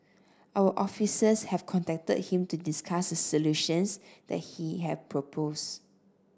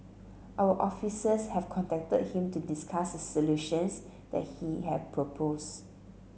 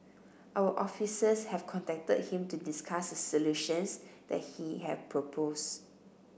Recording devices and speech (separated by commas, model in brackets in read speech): standing microphone (AKG C214), mobile phone (Samsung C7), boundary microphone (BM630), read sentence